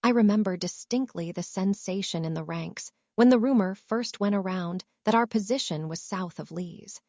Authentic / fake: fake